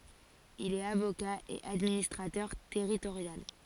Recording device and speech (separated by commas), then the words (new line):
forehead accelerometer, read sentence
Il est avocat et administrateur territorial.